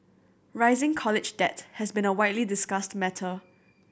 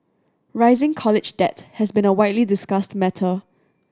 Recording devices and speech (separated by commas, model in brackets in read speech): boundary microphone (BM630), standing microphone (AKG C214), read sentence